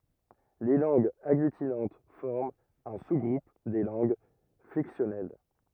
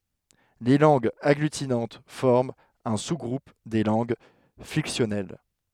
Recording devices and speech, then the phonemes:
rigid in-ear microphone, headset microphone, read sentence
le lɑ̃ɡz aɡlytinɑ̃t fɔʁmt œ̃ su ɡʁup de lɑ̃ɡ flɛksjɔnɛl

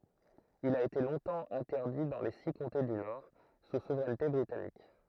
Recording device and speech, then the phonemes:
throat microphone, read sentence
il a ete lɔ̃tɑ̃ ɛ̃tɛʁdi dɑ̃ le si kɔ̃te dy nɔʁ su suvʁɛnte bʁitanik

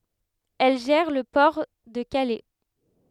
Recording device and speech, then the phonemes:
headset microphone, read sentence
ɛl ʒɛʁ lə pɔʁ də kalɛ

